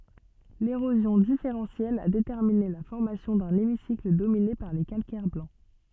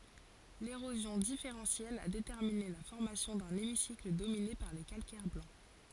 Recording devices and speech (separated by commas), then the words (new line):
soft in-ear microphone, forehead accelerometer, read sentence
L'érosion différentielle a déterminé la formation d'un hémicycle dominé par les calcaires blancs.